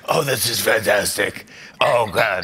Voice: Hoarse voice